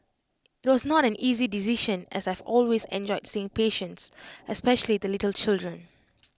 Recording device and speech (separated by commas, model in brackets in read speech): close-talking microphone (WH20), read sentence